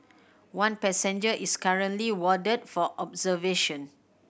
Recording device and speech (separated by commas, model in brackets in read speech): boundary microphone (BM630), read sentence